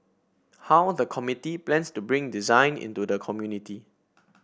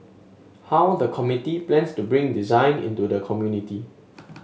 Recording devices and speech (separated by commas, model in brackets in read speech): boundary microphone (BM630), mobile phone (Samsung S8), read sentence